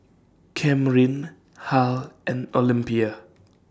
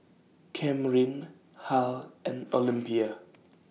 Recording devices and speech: standing microphone (AKG C214), mobile phone (iPhone 6), read sentence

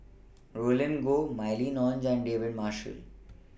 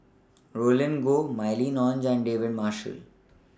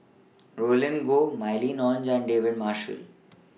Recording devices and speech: boundary microphone (BM630), standing microphone (AKG C214), mobile phone (iPhone 6), read sentence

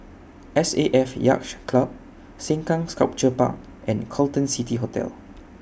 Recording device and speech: boundary microphone (BM630), read sentence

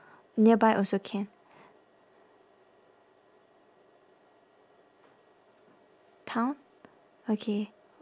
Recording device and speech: standing microphone, conversation in separate rooms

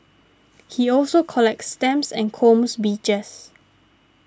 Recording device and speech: standing microphone (AKG C214), read sentence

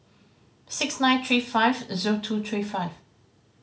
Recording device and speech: mobile phone (Samsung C5010), read sentence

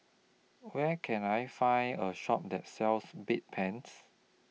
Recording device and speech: mobile phone (iPhone 6), read sentence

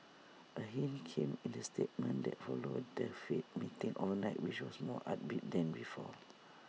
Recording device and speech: mobile phone (iPhone 6), read sentence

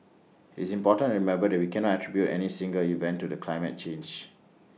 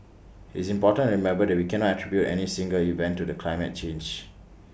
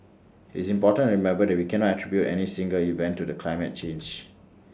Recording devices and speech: mobile phone (iPhone 6), boundary microphone (BM630), standing microphone (AKG C214), read sentence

